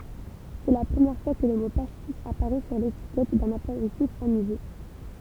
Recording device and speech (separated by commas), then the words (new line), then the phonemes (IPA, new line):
temple vibration pickup, read sentence
C'est la première fois que le mot pastis apparaît sur l'étiquette d'un apéritif anisé.
sɛ la pʁəmjɛʁ fwa kə lə mo pastis apaʁɛ syʁ letikɛt dœ̃n apeʁitif anize